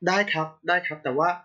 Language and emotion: Thai, neutral